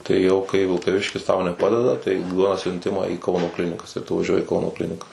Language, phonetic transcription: Lithuanian, tai jau kai vilkaˈviškis tau neˈpadeda tai ˈduoda siunˈtimą į ˈkauno ˈklinikas ir tu vaˈžiuoji i ˈkauno ˈklinikas

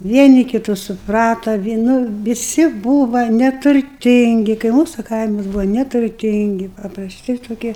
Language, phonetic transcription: Lithuanian, ˈvieni kiˈtus suˈprata vie nu viˈsi ˈbūva neturˈtingi kai ˈmūsu ˈkaimas ˈbūvo neturˈtingi paprasˈti toˈkie

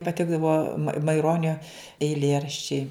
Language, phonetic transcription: Lithuanian, paˈtikdavo maiˈronio eiˈlėraščiai

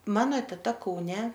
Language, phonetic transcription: Lithuanian, ˈmano teˈta kauˈne

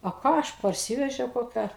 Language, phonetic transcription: Lithuanian, o ˈką ˈaš parˈsyvežiau koˈkią

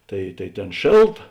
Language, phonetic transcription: Lithuanian, ˈtai tai ˈtėn ˈšėlˌta

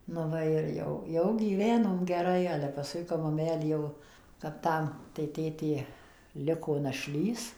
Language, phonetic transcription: Lithuanian, nu ˈva ir ˈjau ˈjau gyˈvenom geˈrai ale paˈskui kap maˈmelė jau kap ˈtam tai ˈtėtė ˈliko naˈšlys

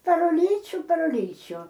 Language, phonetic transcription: Lithuanian, par uˈlyčiu par uˈlyčių

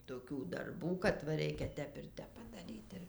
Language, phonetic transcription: Lithuanian, toˈkių darˈbų kad va ˈreikia ˈtep ir ˈtep padaˈryt ˈir

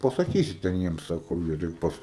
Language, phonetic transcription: Lithuanian, pasaˈkysi ten ˈjiems ˈsako ˈvietoj ˈpas

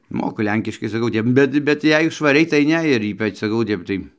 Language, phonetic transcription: Lithuanian, ˈmoku ˈlenkiškai saˈkau ˈtep ˈbet bet ˈjei švaˈriai tai ˈne ir ˈypač saˈkau o ˈtep tai

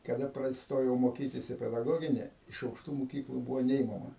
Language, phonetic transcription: Lithuanian, kaˈda ˈprad ˈstojau moˈkytis į pedaˈgogini iš aukˈštų muˈkyklų ˈbūvo ˈneimama

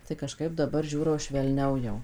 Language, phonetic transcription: Lithuanian, tai kaˈžkaip daˈbar ˈžiūro švelˈniau jau

